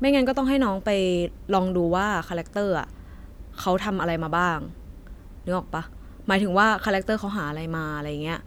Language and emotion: Thai, neutral